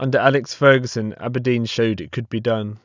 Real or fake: real